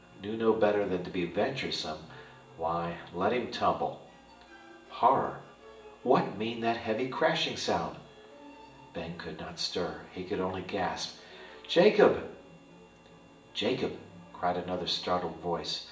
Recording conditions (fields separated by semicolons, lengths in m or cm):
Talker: one person; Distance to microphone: 1.8 m; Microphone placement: close; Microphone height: 1.0 m; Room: large; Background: music